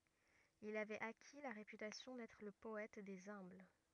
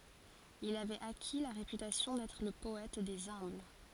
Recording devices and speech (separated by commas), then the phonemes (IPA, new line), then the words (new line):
rigid in-ear microphone, forehead accelerometer, read sentence
il avɛt aki la ʁepytasjɔ̃ dɛtʁ lə pɔɛt dez œ̃bl
Il avait acquis la réputation d’être le poète des humbles.